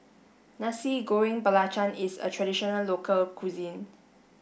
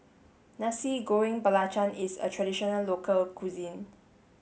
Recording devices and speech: boundary microphone (BM630), mobile phone (Samsung S8), read sentence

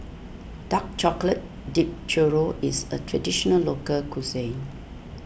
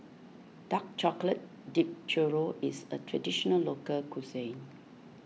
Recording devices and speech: boundary microphone (BM630), mobile phone (iPhone 6), read sentence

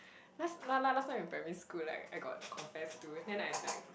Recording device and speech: boundary microphone, conversation in the same room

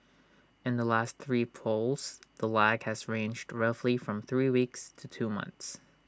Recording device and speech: standing microphone (AKG C214), read sentence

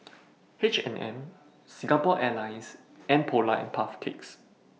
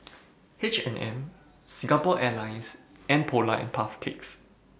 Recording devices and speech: mobile phone (iPhone 6), boundary microphone (BM630), read sentence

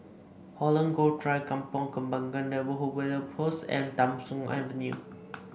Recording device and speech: boundary microphone (BM630), read sentence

